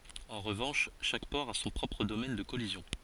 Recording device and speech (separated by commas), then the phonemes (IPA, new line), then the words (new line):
forehead accelerometer, read sentence
ɑ̃ ʁəvɑ̃ʃ ʃak pɔʁ a sɔ̃ pʁɔpʁ domɛn də kɔlizjɔ̃
En revanche, chaque port a son propre domaine de collision.